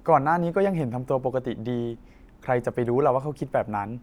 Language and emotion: Thai, neutral